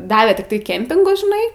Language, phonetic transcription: Lithuanian, ˈdavė tikˈtai ˈkempingus žiˈnai

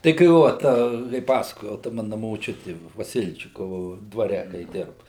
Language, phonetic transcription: Lithuanian, tai kai ˈvo ta kai ˈpasakojau ta ˈmana moˈčiuti vaˈsilčikovu dvaˈre kai ˈdirba

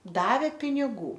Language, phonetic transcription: Lithuanian, ˈdavė piniˈgų

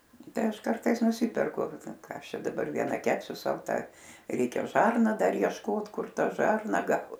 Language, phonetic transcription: Lithuanian, ˈtai aš ˈkartais nuˈsyperku ˈką ˈaš ˈčia daˈbar vieˈna ˈkepsiu ˈsau ˈta ˈreikia ˈžarna ˈdar ˈjieškot ˈkur ˈta ˈžarna ˈgaut

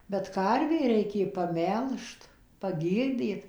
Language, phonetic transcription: Lithuanian, bet ˈkarvė ˈreikė paˈmelžt paˈgyrdyt

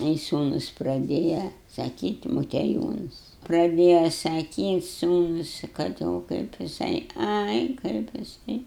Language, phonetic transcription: Lithuanian, ˈai ˈsūnus praˈdėja saˈkyti motieˈjūnas praˈdėja saˈkyt' ˈsūnus kad ˈo kaip jiˈsai ˈai kaip jiˈsai

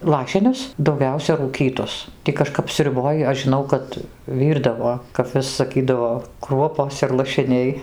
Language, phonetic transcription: Lithuanian, ˈlašinius dauˈgiausia rūˈkytus ˈtį kaˈžkap sriuˈboj aš žiˈnau ˈkad ˈvyrdavo kap ˈvis saˈkydavo ˈkruopos ir lašiˈniai

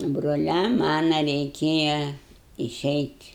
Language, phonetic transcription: Lithuanian, broˈliam ˈmana reiˈkėja iˈšeit'

